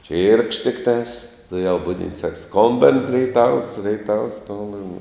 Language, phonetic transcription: Lithuanian, čyrkšt tikˈtās tuˈjau ˈbudint sak ˈskombin reiˈtavs reiˈtavs ˈskombin

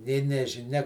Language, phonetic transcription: Lithuanian, nė nežiˈnia

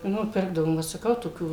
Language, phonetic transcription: Lithuanian, ˈnu ˈpirkdavom vat saˈkau toˈkių

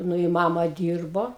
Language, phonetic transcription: Lithuanian, ˈnu i ˈmama ˈdyrbo

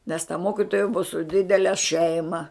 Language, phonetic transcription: Lithuanian, nes ta ˈmokitoja bua su ˈdidele ˈšeima

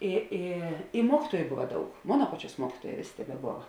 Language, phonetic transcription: Lithuanian, i ˈi i ˈmuokytuoju ˈbuva ˈdaug ˈmona ˈpaˌčiuos ˈmuokytuoˌjē ˈvėˌsė tebeˈbova

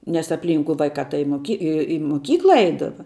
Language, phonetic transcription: Lithuanian, nes apˈlynku ˈvaikā tai i moˈki i i moˈkykla ˈeidava

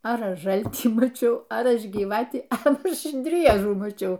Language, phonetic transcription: Lithuanian, ar ˈaš ˈžaltį maˈčiau ar ˈaš gyˈvatį a ˈaš ˈdriežų maˈčiau

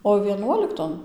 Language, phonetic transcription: Lithuanian, o vieˈnuolikton

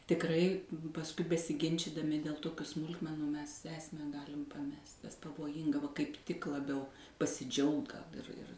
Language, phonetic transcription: Lithuanian, tikˈrai pasˈkui besiˈginčidami dėl ˈtokiu ˈsmulkmenu mes ˈesmę ˈgalim paˈmest es pavoˈjinga va kaip ˈtik laˈbiau pasiˈdžiaugt gal ir ir

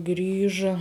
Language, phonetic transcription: Lithuanian, ˈgrįža

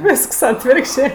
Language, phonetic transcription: Lithuanian, ˈvisks ˈatvirkščė

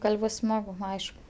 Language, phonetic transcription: Lithuanian, ˈgal' ˈbus ˈsmagu ˈaišk

